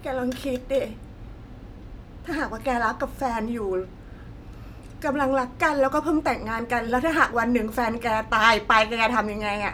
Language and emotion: Thai, sad